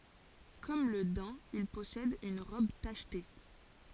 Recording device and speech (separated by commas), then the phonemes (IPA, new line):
forehead accelerometer, read sentence
kɔm lə dɛ̃ il pɔsɛd yn ʁɔb taʃte